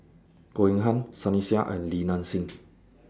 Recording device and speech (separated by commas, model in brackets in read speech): standing microphone (AKG C214), read sentence